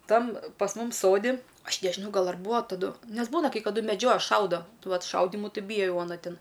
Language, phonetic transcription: Lithuanian, ˈtam pas ˈmum ˈsodi ˈaš nežiˈnau ˈgal ar ˈbūa taˈdu ˈnes ˈbūna kai kaˈdu meˈdžioja ˈšaudo ˈvat ˈšaudimu ˈti ˈbyja ˈjau aˈna ˈtin

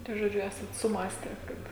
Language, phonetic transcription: Lithuanian, tai žoˈdžiu ˈesat suˈmąste ˈkad

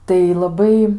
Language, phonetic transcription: Lithuanian, tai laˈbai

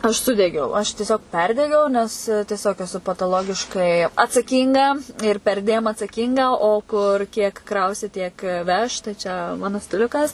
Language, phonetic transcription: Lithuanian, aš ˈsudegiau aš tieˈsiog ˈperdegiau nes tieˈsiog eˈsu pataˈlogiškai atsaˈkynga ir perˈdėm atsaˈkynga o ˈkur kiek ˈkrausi tiek ˈveš tai čia ˈmanu stiˈliukas

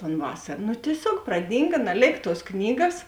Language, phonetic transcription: Lithuanian, ˈan ˈvasar nu tieˈsiog praˈdynga naˈlėk ˈtuos ˈknygas

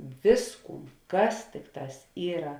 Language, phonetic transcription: Lithuanian, ˈvisˌkūn ˈkas ˈtikˌtās ˈyra

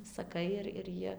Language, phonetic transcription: Lithuanian, saˈkai ir ir ˈjie

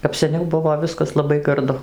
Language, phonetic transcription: Lithuanian, kap seˈniau ˈbuvo ˈviskas laˈbai garˈdu

